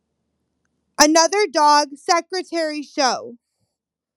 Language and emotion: English, angry